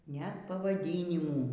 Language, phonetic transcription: Lithuanian, net pavaˈdynimų

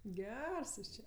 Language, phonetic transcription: Lithuanian, ˈgers ˈjūs ˈčia

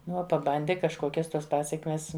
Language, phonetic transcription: Lithuanian, ˈnu ˈuo paˈbandi kažˈkokias ˈtuos ˈpasekmes

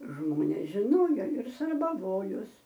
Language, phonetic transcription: Lithuanian, ˈžmonės žiˈnojo ir sarbaˈvojos

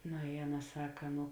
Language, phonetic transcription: Lithuanian, no i ˈaˌna ˈsaka ˈnu

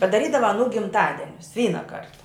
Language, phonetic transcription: Lithuanian, padaˈrydava aˈnų gimˈtadenius ˈvyna ˈkarta

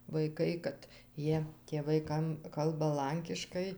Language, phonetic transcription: Lithuanian, vaiˈkai kad ˈjie tėˈvai ˈkam ˈkalba ˈlankiškai

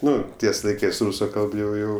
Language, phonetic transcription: Lithuanian, ˈnu ˈties laiˈkɜs ˈrūsu ˈkalb jau ˈjau

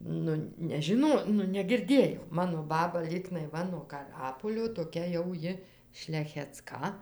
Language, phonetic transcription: Lithuanian, ˈnu nežiˈno nu negirˈdėjau ˈmano ˈbaba ˈlygnai ˈva nuo kaˈrapolio toˈkia jau ˈji šlecheˈcka

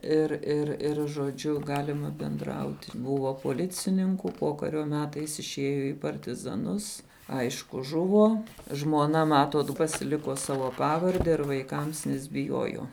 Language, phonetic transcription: Lithuanian, ˈir ir ˈir žoˈdžiu ˈgalima benˈdrauti ˈbuvo poˈlicininku ˈpokario ˈmetais išˈėjo į partizaˈnus ˈaišku ˈžuvo žmuoˈna ˈmatot pasiˈlikuo ˈsavo ˈpavarde ir vaiˈkams nes biˈjuojuo

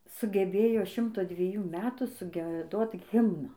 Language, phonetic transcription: Lithuanian, sugeˈbėjo ˈšimto dvieˈjųˈ metų sugieˈdot ˈhimną

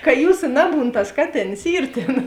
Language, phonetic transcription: Lithuanian, ka ˈjūsa ˈnaˌbūn tas ˈkaˌtėns ˈyr ˈtėn

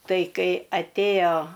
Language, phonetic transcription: Lithuanian, ˈtai ˈkai atˈėjo

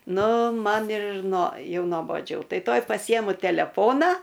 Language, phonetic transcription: Lithuanian, ˈnu ˈman ir nuo ˈjau noboˈdžiau ˈtai ˈtuoj paˈsijemu teleˈfona

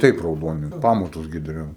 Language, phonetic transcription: Lithuanian, ˈtaip rauˈdoni ˈpamatus gi daˈriau

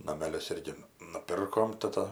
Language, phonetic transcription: Lithuanian, nameˈlius ˈirgi nuˈpirkom taˈta

